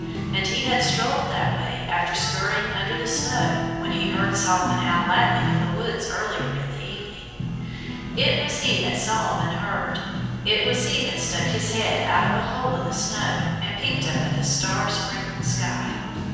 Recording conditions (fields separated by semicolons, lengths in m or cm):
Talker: one person; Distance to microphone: 7.1 m; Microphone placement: far; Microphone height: 1.7 m; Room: very reverberant, large; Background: music